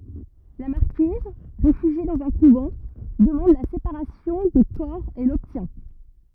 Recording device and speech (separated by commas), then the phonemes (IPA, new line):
rigid in-ear microphone, read sentence
la maʁkiz ʁefyʒje dɑ̃z œ̃ kuvɑ̃ dəmɑ̃d la sepaʁasjɔ̃ də kɔʁ e lɔbtjɛ̃